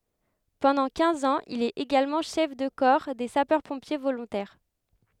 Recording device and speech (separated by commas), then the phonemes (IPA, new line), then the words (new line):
headset microphone, read sentence
pɑ̃dɑ̃ kɛ̃z ɑ̃z il ɛt eɡalmɑ̃ ʃɛf də kɔʁ de sapœʁ pɔ̃pje volɔ̃tɛʁ
Pendant quinze ans, il est également chef de corps des sapeurs-pompiers volontaires.